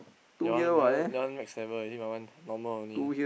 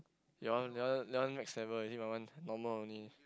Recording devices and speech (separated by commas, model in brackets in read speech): boundary microphone, close-talking microphone, conversation in the same room